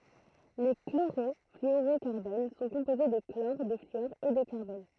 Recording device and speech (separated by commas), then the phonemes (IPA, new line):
throat microphone, read sentence
le kloʁɔflyoʁokaʁbon sɔ̃ kɔ̃poze də klɔʁ də flyɔʁ e də kaʁbɔn